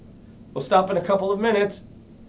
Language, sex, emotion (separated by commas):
English, male, happy